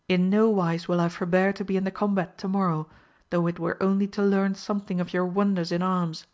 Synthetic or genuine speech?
genuine